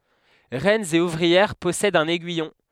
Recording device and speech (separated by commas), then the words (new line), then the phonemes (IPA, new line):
headset microphone, read sentence
Reines et ouvrières possèdent un aiguillon.
ʁɛnz e uvʁiɛʁ pɔsɛdt œ̃n ɛɡyijɔ̃